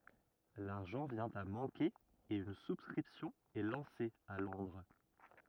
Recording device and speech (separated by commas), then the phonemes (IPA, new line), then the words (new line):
rigid in-ear microphone, read sentence
laʁʒɑ̃ vjɛ̃ a mɑ̃ke e yn suskʁipsjɔ̃ ɛ lɑ̃se a lɔ̃dʁ
L'argent vient à manquer et une souscription est lancée à Londres.